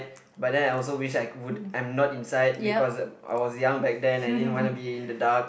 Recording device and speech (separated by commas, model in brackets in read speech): boundary microphone, conversation in the same room